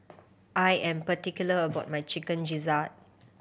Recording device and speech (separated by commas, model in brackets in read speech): boundary microphone (BM630), read sentence